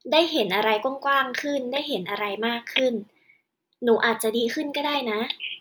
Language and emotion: Thai, happy